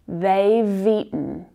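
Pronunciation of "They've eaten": In 'They've eaten', the v consonant sound links straight into 'eaten'.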